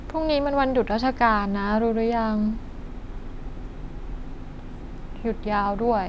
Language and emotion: Thai, neutral